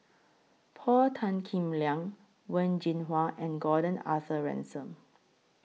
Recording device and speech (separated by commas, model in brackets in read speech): mobile phone (iPhone 6), read sentence